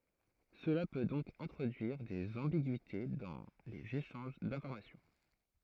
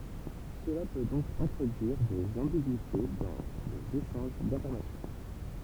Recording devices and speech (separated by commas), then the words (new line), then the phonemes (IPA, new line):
throat microphone, temple vibration pickup, read sentence
Cela peut donc introduire des ambiguïtés dans les échanges d'information.
səla pø dɔ̃k ɛ̃tʁodyiʁ dez ɑ̃biɡyite dɑ̃ lez eʃɑ̃ʒ dɛ̃fɔʁmasjɔ̃